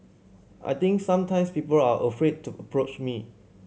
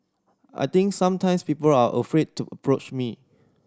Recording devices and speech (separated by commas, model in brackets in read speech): mobile phone (Samsung C7100), standing microphone (AKG C214), read sentence